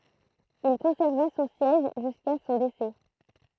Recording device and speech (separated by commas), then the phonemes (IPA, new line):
throat microphone, read sentence
il kɔ̃sɛʁva sɔ̃ sjɛʒ ʒyska sɔ̃ desɛ